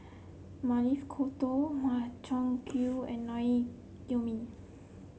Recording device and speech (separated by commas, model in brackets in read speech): mobile phone (Samsung C7), read sentence